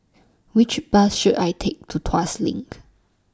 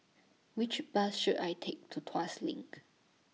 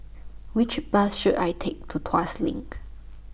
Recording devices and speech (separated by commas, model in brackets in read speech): standing microphone (AKG C214), mobile phone (iPhone 6), boundary microphone (BM630), read sentence